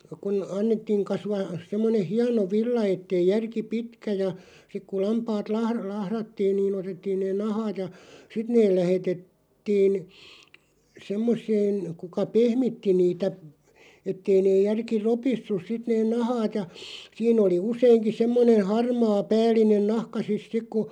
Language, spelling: Finnish, kun annettiin kasvaa semmoinen hieno villa että ei järki pitkä ja sitten kun lampaat - lahdattiin niin otettiin ne nahkat ja sitten ne - lähetettiin semmoiseen kuka pehmitti niitä että ei ne järki ropissut sitten ne nahkat ja siinä oli useinkin semmoinen harmaa päällinen nahka sitten sitten kun
- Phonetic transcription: kun , 'annettiiŋ 'kasvaa , 'semmoneʰ 'hiano "villa 'ettei 'järki "pitkä ja , sik ku 'lampaat lahr- , 'lahrattiin nii'n ‿otettiin neen "nahaat ja , 'sit neel 'lähetet- -tiin , 'semmos̆seen , 'kuka "pehmitti 'niitä , 'ettei 'neeʲ 'järki "ropissus 'sit neen "nahaat ja , 'siin ‿oli 'useiŋki 'semmonen̬ "harmaa "pääl̀inen "nahka sis "sik ku ,.

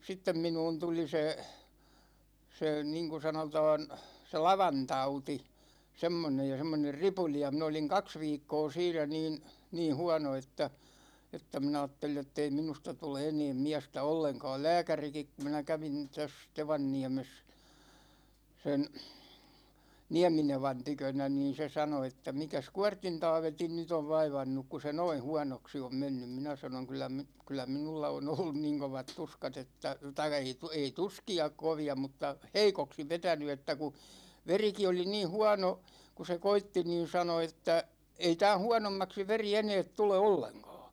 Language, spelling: Finnish, sitten minuun tuli se se niin kuin sanotaan se lavantauti semmoinen ja semmoinen ripuli ja minä olin kaksi viikkoa siinä niin niin huono että että minä ajattelin jottei minusta tule enää miestä ollenkaan lääkärikin kun minä kävin tässä Tevanniemessä sen Nieminevan tykönä niin se sanoi että mikäs Kuortin Taavetin nyt on vaivannut kun se noin huonoksi on mennyt minä sanoin kyllä - kyllä minulla on ollut niin kovat tuskat että tai ei ei tuskia kovia mutta heikoksi vetänyt että kun verikin oli niin huono kun se koetti niin sanoi että ei tämän huonommaksi veri enää tule ollenkaan
- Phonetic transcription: 'sittem minuun 'tuli se , se 'niŋku 'sanotaan , se "lavantauti , 'semmonej ja 'semmoner "ripuli ja min ‿oliŋ "kaks 'viikkoo siinä niin , niin̬ 'hua̭no että , että mi'n ‿aattelij jottei 'minusta 'tule 'eneem "miästä 'olleŋka̭a̭l "lääkärikik kum minä 'kävin täs , 'Tevanniä̭ä̭mes , sen̬ , "Niäminevan 'tykönä niin̬ se 'sano että » 'mikäs "Kuart̆tin 'Taavetin nyt ‿ov 'vaivannuk ku se "noin̬ 'huanoksi om mennym « 'minä sanoŋ kyllä mi- , 'kyllä "minulla o'n ‿ollun 'niŋ kovat 'tuskat ‿että , tai(kka) ei , ei "tuski₍a 'kovi₍a mutta , "heikoksi 'vetäny että ku , 'veriki oli 'nii "huano , ku se "koitti niin̬ 'sano että , » ei 'tää̰ "huanommaksi 'veri "eneet 'tule olleŋkÅÅ « .

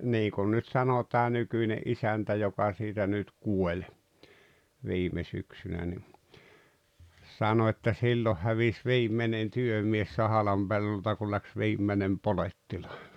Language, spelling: Finnish, niin kuin nyt sanoi tämä nykyinen isäntä joka siitä nyt kuoli viime syksynä niin sanoi että silloin hävisi viimeinen työmies Sahalan pellolta kun lähti viimeinen polettilainen
- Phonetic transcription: 'niikun nyt 'sano tää 'nykyine’ "’isäntä 'joka siitä nyt "kuo͕ĺ , 'viime 'syksynä ni , 'sano että » silloh hävis "viim̀enen "työmies 'Sahalam Bellolta kul läks "viimmenem "poletti-(làene) « .

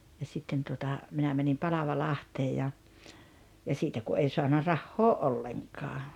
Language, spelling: Finnish, ja sitten tuota minä menin Palavalahteen ja ja siitä kun ei saanut rahaa ollenkaan
- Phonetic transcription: ja 'sitten tuota , 'minä mänim "Palava'lahtee ja , ja 'siitä ku '’ei soana "rahhoo "’olleŋkaa .

